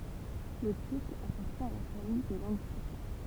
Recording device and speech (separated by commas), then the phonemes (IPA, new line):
temple vibration pickup, read sentence
lə tyʁk apaʁtjɛ̃ a la famij de lɑ̃ɡ tyʁk